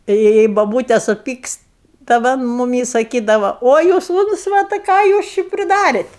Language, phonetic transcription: Lithuanian, ta jei ˈjei boˈbūte suˈpykst ta ˈva an muˈmį saˈkydava ˈo jūs ˈūncvatai ˈką jūs ˈči priˈdarėt

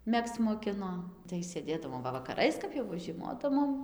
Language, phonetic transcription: Lithuanian, ˈmegzc moˈkino tai sėˈdėdavom ˈva vakaˈrais kap ˈjau va žieˈmodavom

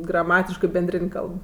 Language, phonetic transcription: Lithuanian, graˈmatiškɜ benˈdrin' ˈkalb

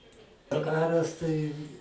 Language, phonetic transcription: Lithuanian, daˈkaras tai

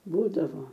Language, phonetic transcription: Lithuanian, ˈbūdavo

